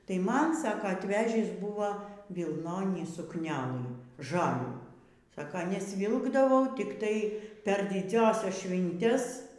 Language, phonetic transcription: Lithuanian, tai ˈman ˈsako atˈvežįs ˈbūva vilˈnonį sukˈnelɨ ˈžalių ˈsaka nesˈvilkdavau tikˈtai per diˈdziąsias ˈšvintes

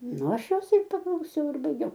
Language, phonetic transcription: Lithuanian, ˈnu ˈaš ˈjos ir paklauˈsiau ir baiˈgiau

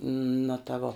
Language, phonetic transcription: Lithuanian, nu ta ˈvo

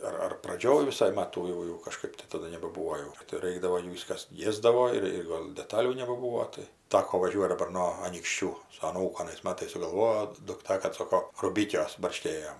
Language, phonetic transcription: Lithuanian, ˈar ar praˈdžioj viˈsai ˈmatų jau jau kaˈžkɜp tai taˈdu nebaˈbuvo jau tai ˈraikdavo ˈjų ˈvis kas ˈiesdavo ir ˈgol' deˈtalių nebaˈbūvo tai ˈtako vaˈžiuot' daˈbar no anykšˈčių su aˈnūku anais ˈmatais sugalˈvojo dukˈta kad ˈsoko ruˈbikiuos barˈškėjom

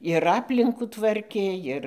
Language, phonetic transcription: Lithuanian, ir ˈaplinkų ˈtvarkė ˈir

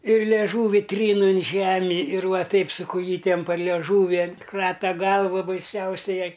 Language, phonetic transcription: Lithuanian, ir lėˈžūvi ˈtryn in ˈžemi ir ˈva ˈtaip su kuˈjytem par lieˈžūvi ˈkrata ˈgalva baiˈsiausiai ˈjai

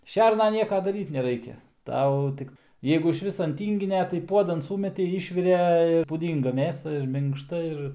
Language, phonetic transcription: Lithuanian, ˈšerna ˈnieka daˈryt neˈraikia ˈtau ˈtik ˈjeigu išˈvis an ˈtynginia tai ˈpuodan ˈsūmetei ˈyšvire pūˈdynga ˈmėsa ir minkšˈta ˈir

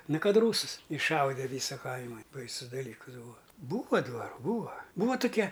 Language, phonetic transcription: Lithuanian, ˈnu ˈkad ˈrūsɨs išˈšaude ˈvysa ˈkaima ˈbaisus daˈlykɨs ˈbūa ˈbūva dvaˈrų ˈbūa ˈbūva tuˈkia

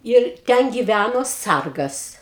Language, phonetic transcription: Lithuanian, ir ˈten giˈvæno ˈsargas

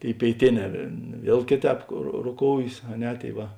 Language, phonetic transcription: Lithuanian, ˈtėi pėiˈtėˌnē ˈviel ˈkėˌtēp ro roˈkoujės a ˈne ˈtėi ˈva

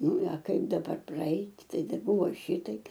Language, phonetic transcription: Lithuanian, ˈnu a ˈkaip daˈbar praˈait' ˈtai daˈbuvo ˈšitaip

